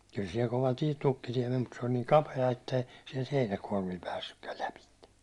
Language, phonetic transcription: Finnish, kyl siɛl 'kova 'tie- 'tukkitie men mut se oĺ niiŋ "kape₍a ettei siɛlt 'heinäkuårmil päässykkäl 'läpitte .
- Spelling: kyllä siellä kova - tukkitie meni mutta se oli niin kapea että ei sieltä heinäkuormilla päässytkään lävitse

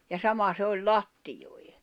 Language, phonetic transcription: Finnish, ja 'sama se oĺ "lattijòi̬ᴊᴇ .
- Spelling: ja sama se oli lattioille

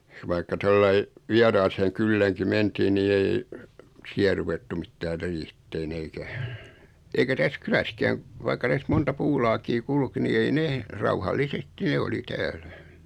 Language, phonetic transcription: Finnish, vaikka 'tollai , 'viaraseeŋ 'kyllääŋki 'mentiin nii 'ei , 'siä ruvettu 'mittäär 'riihittee'n ‿eikä , eikä 'täs 'kyläskääŋ , vaik̆ka täs(t) "monta 'puulaakii 'kulki ni ei 'nee , 'rauhallisesti ne 'oli täällä .
- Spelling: vaikka tuolla lailla vieraaseen kyläänkin mentiin niin ei siellä ruvettu mitään riihitsemään eikä eikä tässä kylässäkään vaikka tästä monta puulaakia kulki niin ei ne rauhallisesti ne oli täällä

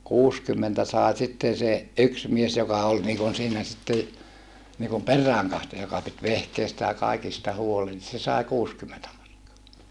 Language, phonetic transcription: Finnish, kuuskymmentä sàe sitten̬ se , yks mies joka ol niikun siinä sitte , niikum per̆rääŋkahtoja joka pit vehkeistä ja kàikista huolen se sài kuuskymmentä markkoa .
- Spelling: kuusikymmentä sai sitten se yksi mies joka oli niin kuin siinä sitten niin kuin peräänkatsoja joka piti vehkeistä ja kaikista huolen se sai kuusikymmentä markkaa

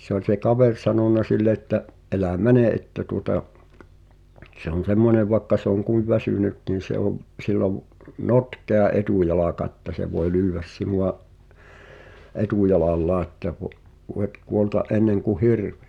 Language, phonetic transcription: Finnish, [mu]t ‿se ‿oĺ se 'kaver sanona 'sille ‿ᵉttä’ , » '’elä "mäne ’että tuŏta , se ‿on̬ "semmonev vaᵉkka se ‿oŋ 'kuiv väsyny(t) niin̬ se ‿ov , sill ‿ov , "notkea 'etùjalaka ᵉtta̳ se voe 'lyyẅ̆väs 'sinu₍a’ , "etùjalallaa ᵉttä vo’- , 'voet kuolta’ '’enneŋku "hirᴠɪ « .
- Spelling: mutta se oli se kaveri sanonut sille että älä mene että tuota se on semmoinen vaikka se on kuinka väsynyt niin se on sillä on notkea etujalka että se voi lyödä sinua etujalallaan että - voit kuolla ennen kuin hirvi

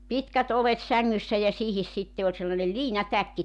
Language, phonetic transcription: Finnish, 'pitkät 'olet 'säŋŋyssä ja 'siihis sitte oĺ sellanel "liinatäkki .
- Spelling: pitkät oljet sängyssä ja siihen sitten oli sellainen liinatäkki

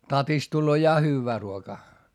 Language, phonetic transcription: Finnish, tatist tulloo ja hyyvvää ruokaa .
- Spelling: tatista tulee ja hyvää ruokaa

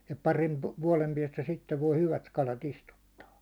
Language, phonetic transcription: Finnish, ja 'parin , 'vuålem piɛstä sittev voi 'hyvät 'kalat "istuttaa .
- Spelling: ja parin vuoden päästä sitten voi hyvät kalat istuttaa

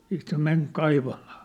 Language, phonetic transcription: Finnish, siit se men 'kaivamᴀᴀ .
- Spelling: sitten se meni kaivamaan

